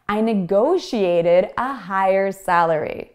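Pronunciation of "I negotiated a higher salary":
In 'negotiated', the t between two vowel sounds sounds like a d.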